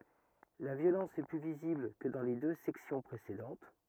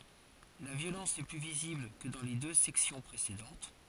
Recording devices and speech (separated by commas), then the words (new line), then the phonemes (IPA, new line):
rigid in-ear microphone, forehead accelerometer, read sentence
La violence est plus visible que dans les deux sections précédentes.
la vjolɑ̃s ɛ ply vizibl kə dɑ̃ le dø sɛksjɔ̃ pʁesedɑ̃t